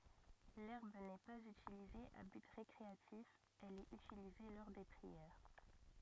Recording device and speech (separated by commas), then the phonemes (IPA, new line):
rigid in-ear microphone, read sentence
lɛʁb nɛ paz ytilize a byt ʁekʁeatif ɛl ɛt ytilize lɔʁ de pʁiɛʁ